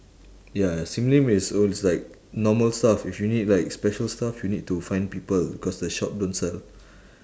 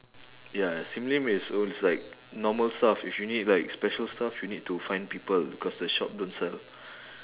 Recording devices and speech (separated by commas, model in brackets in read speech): standing microphone, telephone, conversation in separate rooms